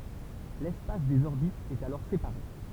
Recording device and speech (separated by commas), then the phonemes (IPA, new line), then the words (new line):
temple vibration pickup, read sentence
lɛspas dez ɔʁbitz ɛt alɔʁ sepaʁe
L'espace des orbites est alors séparé.